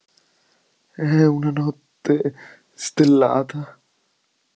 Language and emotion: Italian, fearful